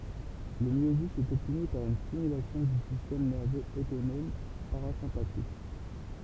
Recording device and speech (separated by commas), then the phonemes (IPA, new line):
temple vibration pickup, read sentence
lə mjozi ɛt ɔbtny paʁ yn stimylasjɔ̃ dy sistɛm nɛʁvøz otonɔm paʁazɛ̃patik